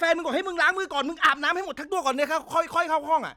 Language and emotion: Thai, angry